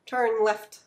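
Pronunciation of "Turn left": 'Turn left' sounds like one word, with the two words all blended together.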